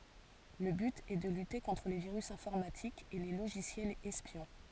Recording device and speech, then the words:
forehead accelerometer, read sentence
Le but est de lutter contre les virus informatiques et les logiciels espions.

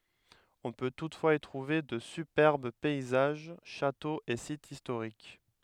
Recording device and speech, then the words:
headset microphone, read sentence
On peut toutefois y trouver de superbes paysages, châteaux et sites historiques.

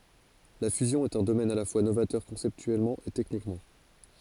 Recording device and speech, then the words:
forehead accelerometer, read sentence
La fusion est un domaine à la fois novateur conceptuellement et techniquement.

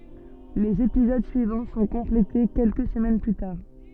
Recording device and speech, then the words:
soft in-ear microphone, read sentence
Les épisodes suivants sont complétés quelques semaines plus tard.

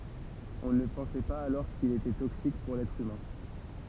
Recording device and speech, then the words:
temple vibration pickup, read sentence
On ne pensait pas alors qu'il était toxique pour l'être humain.

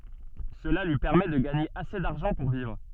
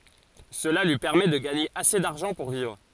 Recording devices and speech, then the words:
soft in-ear microphone, forehead accelerometer, read sentence
Cela lui permet de gagner assez d'argent pour vivre.

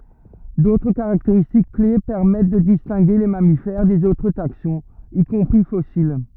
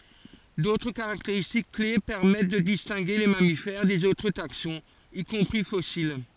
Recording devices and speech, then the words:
rigid in-ear microphone, forehead accelerometer, read sentence
D'autres caractéristiques clés permettent de distinguer les mammifères des autres taxons, y compris fossiles.

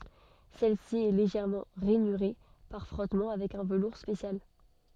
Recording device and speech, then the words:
soft in-ear microphone, read sentence
Celle-ci est légèrement rainurée par frottement avec un velours spécial.

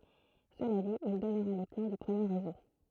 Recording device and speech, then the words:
throat microphone, read sentence
Cela dit, il donnera les plans du premier Réseau.

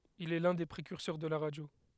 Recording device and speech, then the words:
headset microphone, read sentence
Il est l'un des précurseurs de la radio.

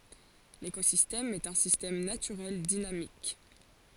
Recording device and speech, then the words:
forehead accelerometer, read sentence
L'écosystème est un système naturel dynamique.

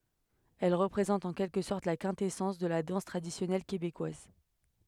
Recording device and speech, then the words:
headset microphone, read sentence
Elle représente en quelque sorte la quintessence de la danse traditionnelle québécoise.

